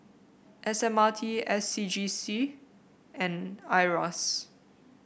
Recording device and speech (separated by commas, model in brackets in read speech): boundary microphone (BM630), read sentence